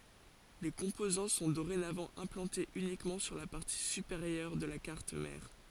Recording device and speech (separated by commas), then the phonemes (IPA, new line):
forehead accelerometer, read sentence
le kɔ̃pozɑ̃ sɔ̃ doʁenavɑ̃ ɛ̃plɑ̃tez ynikmɑ̃ syʁ la paʁti sypeʁjœʁ də la kaʁt mɛʁ